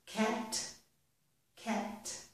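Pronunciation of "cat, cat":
In both sayings of 'cat', the t at the end is released.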